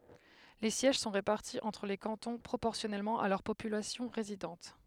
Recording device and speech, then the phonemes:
headset microphone, read sentence
le sjɛʒ sɔ̃ ʁepaʁti ɑ̃tʁ le kɑ̃tɔ̃ pʁopɔʁsjɔnɛlmɑ̃ a lœʁ popylasjɔ̃ ʁezidɑ̃t

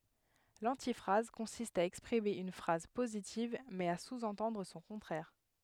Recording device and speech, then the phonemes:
headset microphone, read sentence
lɑ̃tifʁaz kɔ̃sist a ɛkspʁime yn fʁaz pozitiv mɛz a suzɑ̃tɑ̃dʁ sɔ̃ kɔ̃tʁɛʁ

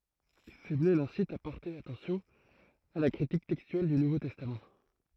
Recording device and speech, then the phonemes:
throat microphone, read sentence
səmle lɛ̃sit a pɔʁte atɑ̃sjɔ̃ a la kʁitik tɛkstyɛl dy nuvo tɛstam

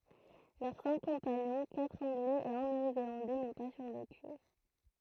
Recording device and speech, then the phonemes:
throat microphone, read sentence
lœʁ sɛ̃k kɔ̃paɲɔ̃ katʁ ɑ̃ɡlɛz e œ̃ neo zelɑ̃dɛ nɔ̃ pa syʁveky

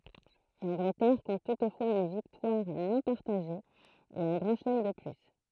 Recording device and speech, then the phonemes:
throat microphone, read sentence
lɑ̃ɡlətɛʁ kɔ̃t tutfwaz yn viktwaʁ nɔ̃ paʁtaʒe e œ̃ ɡʁɑ̃ ʃəlɛm də ply

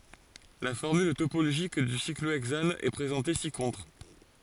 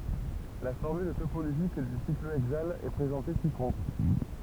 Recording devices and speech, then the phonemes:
forehead accelerometer, temple vibration pickup, read sentence
la fɔʁmyl topoloʒik dy sikloɛɡzan ɛ pʁezɑ̃te si kɔ̃tʁ

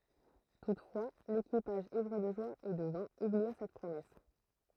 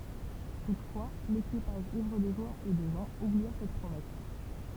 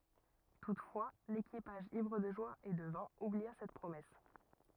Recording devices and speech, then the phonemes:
throat microphone, temple vibration pickup, rigid in-ear microphone, read sentence
tutfwa lekipaʒ ivʁ də ʒwa e də vɛ̃ ublia sɛt pʁomɛs

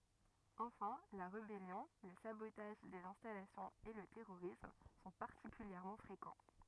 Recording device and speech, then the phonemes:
rigid in-ear microphone, read sentence
ɑ̃fɛ̃ la ʁebɛljɔ̃ lə sabotaʒ dez ɛ̃stalasjɔ̃z e lə tɛʁoʁism sɔ̃ paʁtikyljɛʁmɑ̃ fʁekɑ̃

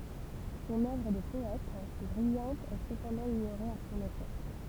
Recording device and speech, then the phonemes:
temple vibration pickup, read sentence
sɔ̃n œvʁ də pɔɛt bʁijɑ̃t ɛ səpɑ̃dɑ̃ iɲoʁe a sɔ̃n epok

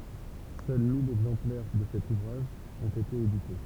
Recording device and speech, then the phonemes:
temple vibration pickup, read sentence
sœl mil ɛɡzɑ̃plɛʁ də sɛt uvʁaʒ ɔ̃t ete edite

